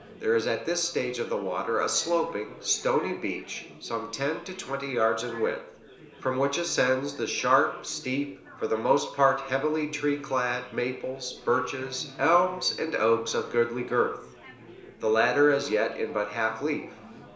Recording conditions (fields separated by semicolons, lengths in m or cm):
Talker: one person; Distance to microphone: 1.0 m; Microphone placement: close; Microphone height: 1.1 m; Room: small (3.7 m by 2.7 m); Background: babble